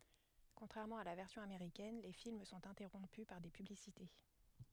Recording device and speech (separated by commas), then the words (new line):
headset microphone, read sentence
Contrairement à la version américaine, les films sont interrompus par des publicités.